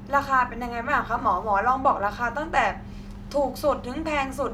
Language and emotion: Thai, neutral